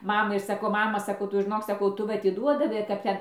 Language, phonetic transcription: Lithuanian, ˈmamai ir saˈkau ˈmama saˈkau ˈtu žiˈnok saˈkau ˈtu va atiˈduodavai kap ˈten

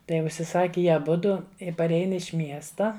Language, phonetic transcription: Lithuanian, ˈtai užsiˈsaki ˈjie aˈbudu i paˈrein iš ˈmiesta

